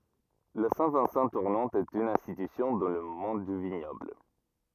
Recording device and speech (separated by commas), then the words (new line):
rigid in-ear microphone, read sentence
La Saint-Vincent tournante est une institution dans le monde du vignoble.